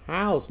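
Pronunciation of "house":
'House' is pronounced as the verb here, so the s becomes a z sound.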